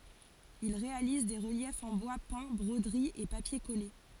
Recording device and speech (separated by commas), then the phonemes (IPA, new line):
forehead accelerometer, read sentence
il ʁealiz de ʁəljɛfz ɑ̃ bwa pɛ̃ bʁodəʁiz e papje kɔle